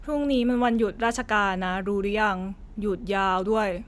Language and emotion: Thai, frustrated